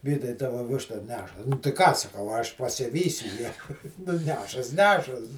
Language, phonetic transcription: Lithuanian, ˈvytai ˈtava ˈvišta ˈneša tai ˈką saˈkau a ˈaš pasiˈvysiu ją nu ˈnešas ˈnešas

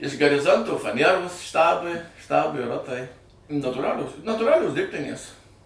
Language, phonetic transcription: Lithuanian, iš gariˈzonto faˈnieros ˈštabui ˈštabui ˈrotai natūˈralios natūˈralios ˈdirbtinės

